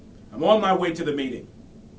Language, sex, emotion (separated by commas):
English, male, angry